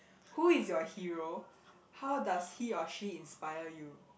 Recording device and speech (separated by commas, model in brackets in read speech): boundary microphone, conversation in the same room